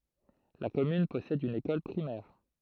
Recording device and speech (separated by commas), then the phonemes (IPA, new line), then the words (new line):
throat microphone, read sentence
la kɔmyn pɔsɛd yn ekɔl pʁimɛʁ
La commune possède une école primaire.